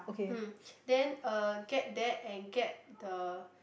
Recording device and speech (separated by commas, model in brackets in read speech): boundary microphone, conversation in the same room